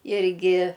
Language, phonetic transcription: Lithuanian, ˈirgi

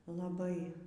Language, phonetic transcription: Lithuanian, laˈbai

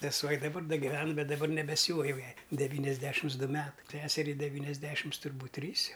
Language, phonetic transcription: Lithuanian, seˈsuo i daˈbar ˈda giˈven ˈbet daˈbar nebeˈsiūva jau ˈjai deˈvyniasˌdešims ˈdu ˈmetai ˈseseriai deˈvyniasˌdešims turˈbūt' ˈtrys ˈjau

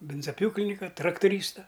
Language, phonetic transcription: Lithuanian, ˈbinzaˈpjūklinika traktuˈrysta

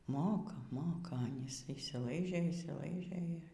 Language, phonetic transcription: Lithuanian, ˈmoka ˈmoka ˈanys išsyˈlaižė išsyˈlaižė

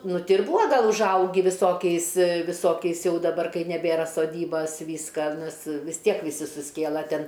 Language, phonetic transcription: Lithuanian, ˈnu ˈti ir ˈbua ˈgal užˈaugi viˈsokiais viˈsokiais ˈjau daˈbar kai neˈbėra soˈdybas ˈvyska ˈnes vis ˈtiek viˈsi susˈkėla ˈten

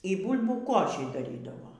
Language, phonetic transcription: Lithuanian, y ˈbūlbių ˈkošį daˈrydavo

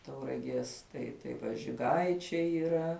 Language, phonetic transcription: Lithuanian, tauraˈgies ˈtai tai ˈva žiˈgaičiai yˈra

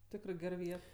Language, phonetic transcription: Lithuanian, ˈtikrɜ ˈger ˈviet

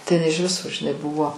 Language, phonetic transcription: Lithuanian, tai iˈnai iž ˈviso žiˈnai ˈbuvo

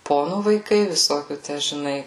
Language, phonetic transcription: Lithuanian, ˈponų vaiˈkai viˈsokių ˈtæ žiˈnai

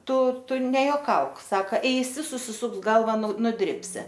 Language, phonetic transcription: Lithuanian, ˈtu ˈtu nejoˈkauk ˈsaka ˈeisi susiˈsuks ˈgalva nu nuˈdribsi

